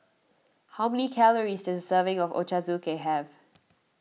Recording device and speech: mobile phone (iPhone 6), read sentence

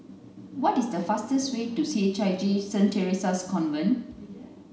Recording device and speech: mobile phone (Samsung C9), read sentence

